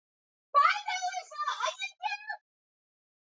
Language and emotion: English, surprised